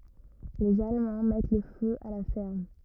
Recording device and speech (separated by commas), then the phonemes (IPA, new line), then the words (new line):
rigid in-ear microphone, read sentence
lez almɑ̃ mɛt lə fø a la fɛʁm
Les Allemands mettent le feu à la ferme.